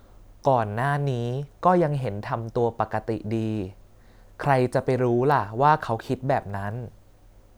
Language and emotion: Thai, neutral